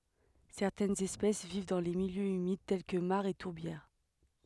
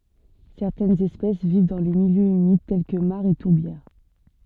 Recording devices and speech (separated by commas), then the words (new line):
headset microphone, soft in-ear microphone, read sentence
Certaines espèces vivent dans les milieux humides tels que mares et tourbières.